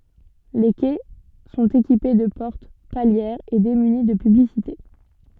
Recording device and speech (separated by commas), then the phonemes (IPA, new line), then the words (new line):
soft in-ear microphone, read sentence
le kɛ sɔ̃t ekipe də pɔʁt paljɛʁz e demyni də pyblisite
Les quais sont équipés de portes palières et démunis de publicités.